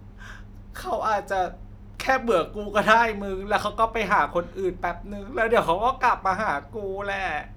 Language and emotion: Thai, sad